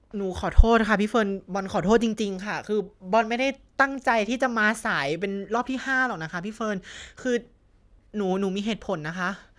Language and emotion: Thai, sad